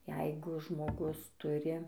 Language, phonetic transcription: Lithuanian, ˈjeigu žmoˈgus ˈturi

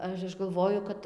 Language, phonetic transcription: Lithuanian, ˈaš ˈaš galˈvoju kad

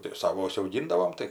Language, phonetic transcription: Lithuanian, tik ˈsavo užsiauˈgindavom ˈtai

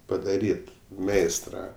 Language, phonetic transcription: Lithuanian, padaˈryt ˈmeistra

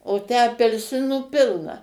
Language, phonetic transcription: Lithuanian, o ˈtę apelˈsinų ˈpilna

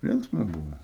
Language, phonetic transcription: Lithuanian, ˈlinksma ˈbuvo

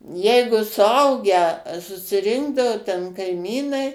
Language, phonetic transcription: Lithuanian, ˈjeigu suˈaugę susiˈrinkdavo ten kaiˈmynai

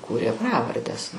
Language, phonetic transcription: Lithuanian, ˈkūrė ˈpravardes

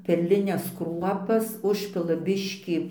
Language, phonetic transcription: Lithuanian, perliˈnes ˈkruopas ˈužpila ˈbiškį

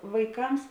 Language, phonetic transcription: Lithuanian, vaiˈkams

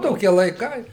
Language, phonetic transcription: Lithuanian, ˈtokie laiˈkai

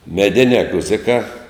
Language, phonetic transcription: Lithuanian, meˈdinē ˈguzikā

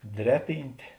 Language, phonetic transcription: Lithuanian, ˈdreˌpyntė

